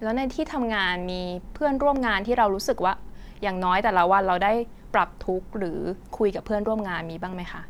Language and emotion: Thai, neutral